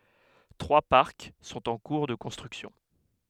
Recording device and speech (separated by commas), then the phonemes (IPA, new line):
headset microphone, read sentence
tʁwa paʁk sɔ̃t ɑ̃ kuʁ də kɔ̃stʁyksjɔ̃